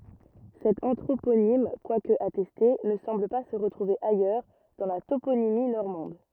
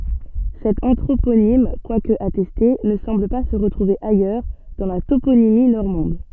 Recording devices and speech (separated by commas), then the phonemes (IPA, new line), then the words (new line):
rigid in-ear microphone, soft in-ear microphone, read sentence
sɛt ɑ̃tʁoponim kwak atɛste nə sɑ̃bl pa sə ʁətʁuve ajœʁ dɑ̃ la toponimi nɔʁmɑ̃d
Cet anthroponyme, quoique attesté, ne semble pas se retrouver ailleurs dans la toponymie normande.